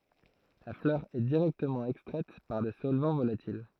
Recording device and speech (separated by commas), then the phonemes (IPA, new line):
throat microphone, read sentence
la flœʁ ɛ diʁɛktəmɑ̃ ɛkstʁɛt paʁ de sɔlvɑ̃ volatil